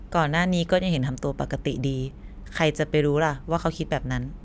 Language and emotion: Thai, neutral